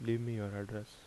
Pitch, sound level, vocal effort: 105 Hz, 77 dB SPL, soft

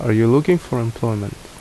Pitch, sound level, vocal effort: 115 Hz, 75 dB SPL, normal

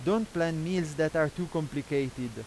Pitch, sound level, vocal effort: 160 Hz, 90 dB SPL, loud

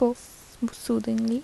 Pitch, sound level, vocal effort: 235 Hz, 75 dB SPL, soft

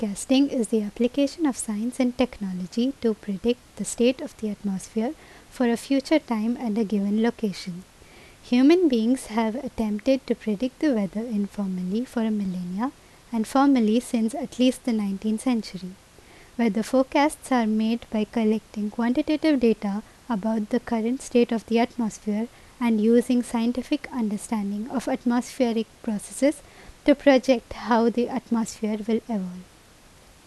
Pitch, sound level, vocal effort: 235 Hz, 79 dB SPL, normal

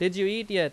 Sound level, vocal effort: 92 dB SPL, very loud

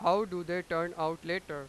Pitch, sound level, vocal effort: 170 Hz, 99 dB SPL, very loud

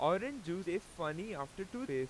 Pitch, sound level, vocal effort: 185 Hz, 93 dB SPL, very loud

